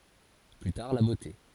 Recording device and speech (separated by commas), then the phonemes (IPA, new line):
forehead accelerometer, read sentence
ply taʁ la bote